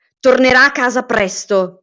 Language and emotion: Italian, angry